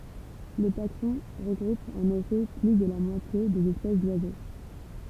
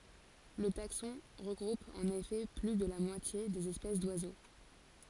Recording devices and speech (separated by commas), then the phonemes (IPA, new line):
temple vibration pickup, forehead accelerometer, read sentence
lə taksɔ̃ ʁəɡʁup ɑ̃n efɛ ply də la mwatje dez ɛspɛs dwazo